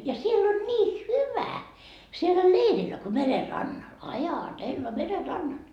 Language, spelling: Finnish, ja siellä oli niin hyvä siellä leirillä kun meren rannalla ajatella meren rannalla
- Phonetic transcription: ja 'siell ‿oĺ 'nii "hyvä , siellä "leirillä ko 'mere "rannal , "aja'tella mere 'rannal .

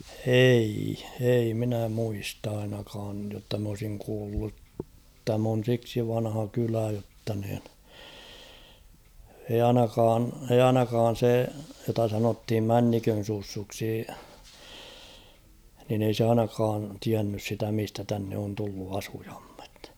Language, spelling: Finnish, ei ei minä muista ainakaan jotta minä olisin kuullut tämä on siksi vanha kylä jotta niin ei ainakaan ei ainakaan se jota sanottiin Männikön Sussuksi niin ei se ainakaan tiennyt sitä mistä tänne on tullut asukkaat
- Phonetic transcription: 'ei , ei minä 'muist ‿ainakaaj jotta m ‿olsiŋ kuullut 'täm ‿on̬ siksi 'vanha 'kylä jotta niin , eij ‿'ainakaan , eiʲ ‿"ainakaan̬ 'se jota sanothim "Männikön̬ 'Sussuksi , nin ‿ei se 'ainakaan 'tiännys sitä 'mistä tänne on tullu 'asuᴊᴀᴍᴍᴇt .

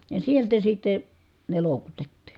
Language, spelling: Finnish, ja sieltä sitten ne loukutettiin
- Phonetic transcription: ja sieltä sitte , ne lòukutettI .

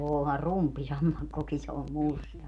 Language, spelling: Finnish, onhan rupisammakkokin se on musta
- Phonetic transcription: 'oohar "rumppisammakkoki se om "musta .

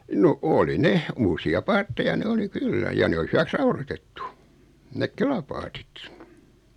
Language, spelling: Finnish, no oli ne uusia paatteja ne oli kyllä ja ne oli hyväksi raudoitettu ne kelapaatit
- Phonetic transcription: 'no , 'oli "ne , 'uusi₍a "paatteja ne 'oli "kyllä ja 'ne oli 'hyväks "raurotettu , 'nek "kelapaatit .

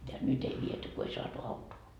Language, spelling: Finnish, ja nyt ei viety kun ei saatu autoa
- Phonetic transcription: ja nyt ‿ei 'viety ko ei saatu 'autoo .

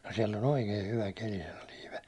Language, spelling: Finnish, no siellä on oikein hyvä keli sanoi Liipe
- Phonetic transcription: » no siɛll ‿on "oikei hyvä 'keli « sano 'Liipe .

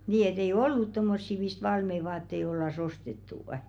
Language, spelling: Finnish, niin että ei ollut tuommoisia mistä valmiita vaatteita oltaisiin ostettu
- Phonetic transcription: nii e't ‿ei "ollut 'tommossi mist "valmei 'vaattei ollas 'ostettù₍ᵊ .

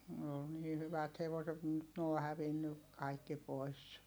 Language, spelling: Finnish, ne oli niin hyvät hevoset - nyt ne on hävinnyt kaikki pois
- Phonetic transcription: ne ol nii hyvät hevoset m̥ nyt n ‿oo hävinny , kaikki pois .

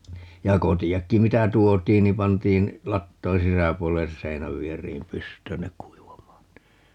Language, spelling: Finnish, ja kotiakin mitä tuotiin niin pantiin latojen sisäpuolelle seinänvieriin pystyyn ne kuivamaan niin
- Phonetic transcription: ja 'koti₍akki 'mitä "tuot̀iin ni 'pantiin , 'lattoiḭ "sisäpuolelles 'seinävvier̀iim "pyst̀öön ne 'k̀uivam̀aan (ni) .

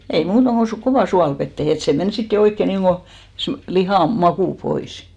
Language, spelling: Finnish, ei muuta kuin - kovaan suolaveteen että se meni sitten jo oikein niin kuin se lihan maku pois
- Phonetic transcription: ei 'muuta ko su- , "kovà 'sualvettehe et se 'men sit jo 'oikke niiŋɢo , se , 'lihàm 'makù 'pois .

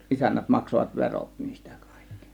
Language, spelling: Finnish, isännät maksoivat verot niistä kaikki
- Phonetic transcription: isännät 'maksovat "veròt niistÄ 'KÀIKKI .

